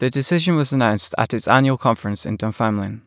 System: none